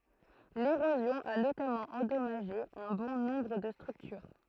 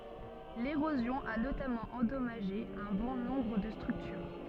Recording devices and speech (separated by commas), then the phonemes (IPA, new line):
throat microphone, soft in-ear microphone, read sentence
leʁozjɔ̃ a notamɑ̃ ɑ̃dɔmaʒe œ̃ bɔ̃ nɔ̃bʁ də stʁyktyʁ